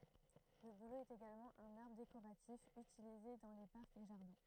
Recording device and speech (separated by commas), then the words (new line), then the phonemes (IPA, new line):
throat microphone, read sentence
Le bouleau est également un arbre décoratif utilisé dans les parcs et jardins.
lə bulo ɛt eɡalmɑ̃ œ̃n aʁbʁ dekoʁatif ytilize dɑ̃ le paʁkz e ʒaʁdɛ̃